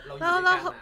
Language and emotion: Thai, sad